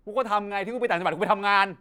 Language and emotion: Thai, angry